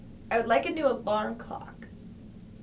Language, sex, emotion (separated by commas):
English, female, neutral